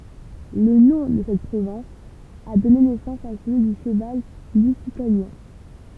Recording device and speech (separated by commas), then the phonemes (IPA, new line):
temple vibration pickup, read sentence
lə nɔ̃ də sɛt pʁovɛ̃s a dɔne nɛsɑ̃s a səlyi dy ʃəval lyzitanjɛ̃